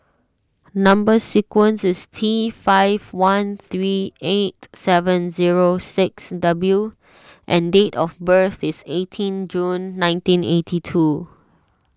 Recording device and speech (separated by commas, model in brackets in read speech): standing microphone (AKG C214), read sentence